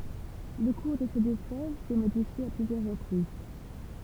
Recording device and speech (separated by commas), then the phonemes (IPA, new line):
temple vibration pickup, read sentence
lə kuʁ də se dø fløv sɛ modifje a plyzjœʁ ʁəpʁiz